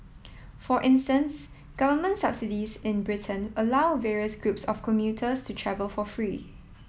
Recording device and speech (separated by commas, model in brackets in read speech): mobile phone (iPhone 7), read sentence